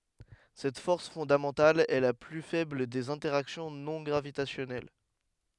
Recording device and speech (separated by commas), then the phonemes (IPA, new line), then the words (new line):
headset microphone, read sentence
sɛt fɔʁs fɔ̃damɑ̃tal ɛ la ply fɛbl dez ɛ̃tɛʁaksjɔ̃ nɔ̃ ɡʁavitasjɔnɛl
Cette force fondamentale est la plus faible des interactions non gravitationnelles.